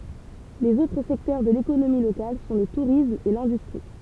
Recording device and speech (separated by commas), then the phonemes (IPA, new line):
temple vibration pickup, read sentence
lez otʁ sɛktœʁ də lekonomi lokal sɔ̃ lə tuʁism e lɛ̃dystʁi